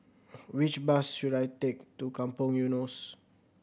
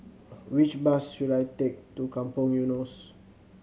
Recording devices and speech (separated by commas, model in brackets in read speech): boundary microphone (BM630), mobile phone (Samsung C7100), read sentence